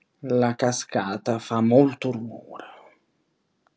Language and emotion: Italian, angry